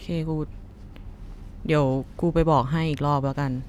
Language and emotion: Thai, frustrated